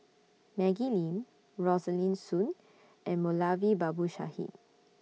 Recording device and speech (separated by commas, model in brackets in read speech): mobile phone (iPhone 6), read sentence